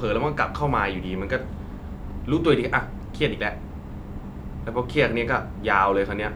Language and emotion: Thai, frustrated